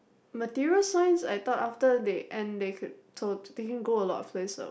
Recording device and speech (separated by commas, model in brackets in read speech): boundary microphone, conversation in the same room